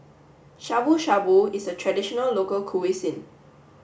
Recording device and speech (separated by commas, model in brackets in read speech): boundary microphone (BM630), read sentence